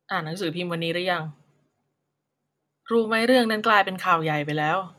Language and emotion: Thai, frustrated